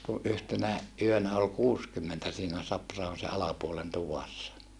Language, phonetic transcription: Finnish, ku ʼyhtenä , ʼyönä ol kuuskymmentä siinä Saprahon se alapuolen tuvassa .
- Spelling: kun yhtenä yönä oli kuusikymmentä siinä Sapra-ahon sen alapuolen tuvassa

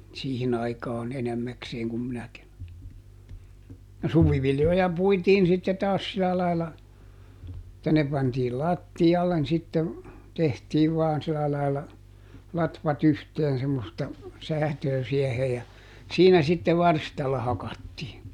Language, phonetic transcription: Finnish, no "suviviljoja ˈpuitiin sitte ˈtaas ˈsila lailla , [et]tä ne pantiil "latti₍allen sitte , ˈtehtiiv vaan sila laila , ˈlatvat ‿yhteen semmosta , "säätöö ˈsiɛhe ja , ˈsiinä sitte "varstalla ˈhakattii .
- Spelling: no suviviljoja puitiin sitten taas sillä lailla että ne pantiin lattialle sitten tehtiin vain sillä lailla latvat yhteen semmoista säätöä siihen ja siinä sitten varstalla hakattiin

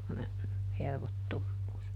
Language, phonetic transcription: Finnish, semmone , ˈhervottommuus .
- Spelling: semmoinen hervottomuus

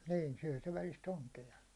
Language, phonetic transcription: Finnish, 'nii , syäₒ se välis"t ‿oŋke₍a .
- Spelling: niin syö se välistä onkea

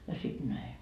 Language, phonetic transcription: Finnish, ja 'sit 'näi .
- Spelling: ja sitten näin

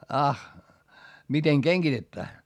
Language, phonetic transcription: Finnish, ah , miteŋ keŋGitettää ?
- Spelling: ah miten kengitetään

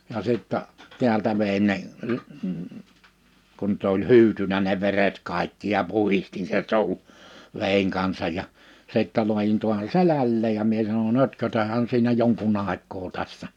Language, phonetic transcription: Finnish, ja 'sìttɛ , 'tiältä vèin ne , 1- , kun tᵊ ‿oĺ "hy̬ytynä ne 'veret 'kàikki ja 'puhistin sen 'su̬u , 'vèiŋ kansaj ja , 'sìttä 'luajin tuahan "selälleej ja 'mie sano"n‿ » ötkötäh̀än siinä 'joŋku'n ‿àek̆koo 'tässä « .
- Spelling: ja sitten täältä vedin ne - kun - oli hyytynyt ne veret kaikki ja puhdistin sen suun veden kanssa ja sitten laadin taa selälleen ja minä sanon ötkötähän siinä jonkun aikaa tässä

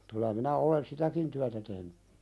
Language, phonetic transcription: Finnish, kyl̆lä minä 'olen "sitäkin tyätä tehny .
- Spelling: kyllä minä olen sitäkin työtä tehnyt

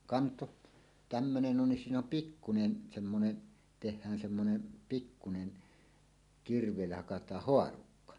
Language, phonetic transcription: Finnish, 'kanto , 'tämmönen ‿on 'siin ‿om "pikkunen , semmone , teh̆hään semmonen , pikkunen , 'kirv̀èillä 'hakat̀aah "hoarukka .
- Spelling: kanto tämmöinen on siinä on pikkuinen semmoinen tehdään semmoinen pikkuinen kirveillä hakataan haarukka

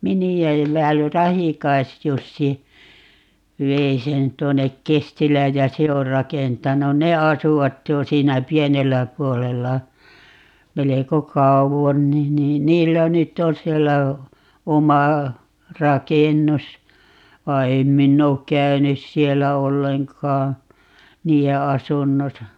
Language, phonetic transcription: Finnish, "mini₍ä ('ellää jo) - "Rahikaisjussi , 'vei sen 'tuonnek "Kestil̀ääj ja "se or 'rakentanun - "ne 'asuvat 'jo siinä "pienellä 'puolella , 'meleko "kauvon ni niin 'niillä 'nytt ‿on 'siellä , 'oma , "rakennus , 'vai̮ 'em minn ‿ook "käynys 'siellä "olleŋkaa , 'nii₍e "asunnosa .
- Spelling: miniä elää jo Rahikais-Jussi vei sen tuonne Kestilään ja se on rakentanut ne asuivat jo siinä pienellä puolella melko kauan niin niin niillä nyt on siellä oma rakennus vaan en minä ole käynyt siellä ollenkaan niiden asunnossa

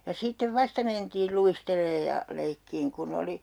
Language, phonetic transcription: Finnish, ja 'sittev "vasta mentiil 'luisteleej ja , 'leikkiiŋ ku'n ‿oli ,.
- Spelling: ja sitten vasta mentiin luistelemaan ja leikkimään kun oli

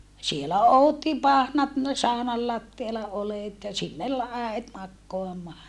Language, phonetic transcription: Finnish, sielä ootti pahnat , saonal lattiala olèt ja sinnel äet makkoamaa .
- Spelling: siellä odotti pahnat saunan lattialla oljet ja sinne äiti makaamaan

